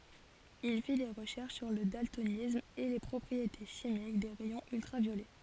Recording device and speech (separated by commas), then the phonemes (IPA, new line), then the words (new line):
forehead accelerometer, read sentence
il fi de ʁəʃɛʁʃ syʁ lə daltonism e le pʁɔpʁiete ʃimik de ʁɛjɔ̃z yltʁavjolɛ
Il fit des recherches sur le daltonisme et les propriétés chimiques des rayons ultraviolets.